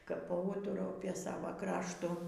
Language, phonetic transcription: Lithuanian, ˈkap paˈūturau apė ˈsavo ˈkraštu

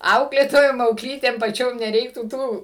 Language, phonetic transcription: Lithuanian, ˈauklėtojom aukˈlytėm paˈčiom neˈreiktų ˈtų

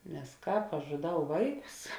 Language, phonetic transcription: Lithuanian, nes ˈkāp aš žuˈdau ˈvaiˌkus

